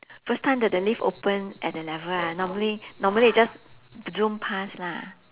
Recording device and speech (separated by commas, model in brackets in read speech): telephone, conversation in separate rooms